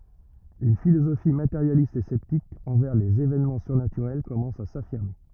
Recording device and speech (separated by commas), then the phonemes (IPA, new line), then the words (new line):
rigid in-ear microphone, read sentence
yn filozofi mateʁjalist e sɛptik ɑ̃vɛʁ lez evɛnmɑ̃ syʁnatyʁɛl kɔmɑ̃s a safiʁme
Une philosophie matérialiste et sceptique envers les évènements surnaturels commence à s’affirmer.